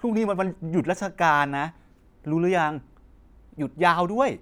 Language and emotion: Thai, frustrated